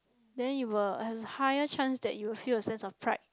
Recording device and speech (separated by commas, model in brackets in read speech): close-talking microphone, conversation in the same room